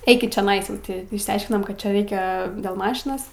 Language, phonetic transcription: Lithuanian, ˈeikit čioˈnais jau ˈti išsiaiškinom kad ˈčia ˈreikia dėl ˈmašinos

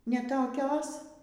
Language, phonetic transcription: Lithuanian, ne toˈkios

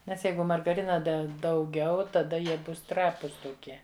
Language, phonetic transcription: Lithuanian, ˈnes ˈjeigu margaˈrina ˈde dauˈgiau taˈda ˈjie ˈbus ˈtrapus toˈkie

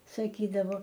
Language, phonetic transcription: Lithuanian, saˈkydavo

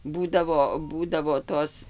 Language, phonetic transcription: Lithuanian, ˈbūdavo ˈbūdavo ˈtos

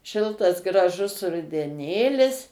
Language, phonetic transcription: Lithuanian, ˈšiltas graˈžus rudeˈnėlis

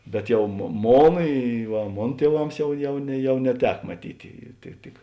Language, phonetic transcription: Lithuanian, bet ˈjau mo ˈmon i va ˈmon tieˈvams ˈjau ˈjau ne ˈjau neˈtek maˈtyti ˈtik

